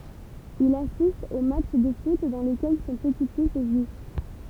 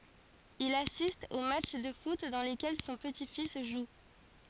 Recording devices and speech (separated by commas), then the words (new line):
temple vibration pickup, forehead accelerometer, read sentence
Il assiste aux matchs de foot dans lesquels son petit-fils joue.